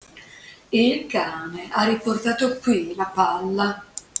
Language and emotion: Italian, disgusted